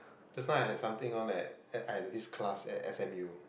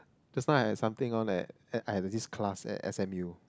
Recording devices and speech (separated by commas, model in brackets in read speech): boundary microphone, close-talking microphone, conversation in the same room